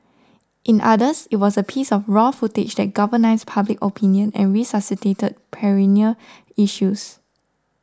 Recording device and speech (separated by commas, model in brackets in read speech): standing microphone (AKG C214), read sentence